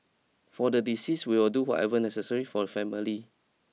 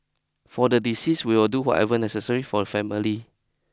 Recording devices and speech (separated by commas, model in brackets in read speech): mobile phone (iPhone 6), close-talking microphone (WH20), read sentence